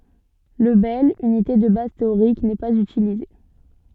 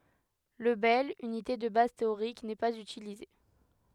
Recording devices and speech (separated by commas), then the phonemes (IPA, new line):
soft in-ear microphone, headset microphone, read sentence
lə bɛl ynite də baz teoʁik nɛ paz ytilize